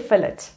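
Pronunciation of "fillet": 'Fillet' is pronounced incorrectly here.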